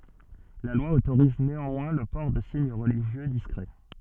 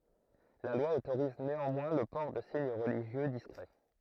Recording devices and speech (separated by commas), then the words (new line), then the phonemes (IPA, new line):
soft in-ear microphone, throat microphone, read sentence
La loi autorise néanmoins le port de signes religieux discrets.
la lwa otoʁiz neɑ̃mwɛ̃ lə pɔʁ də siɲ ʁəliʒjø diskʁɛ